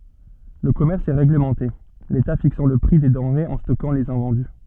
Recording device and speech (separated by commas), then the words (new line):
soft in-ear microphone, read sentence
Le commerce est réglementé, l’État fixant le prix des denrées et stockant les invendus.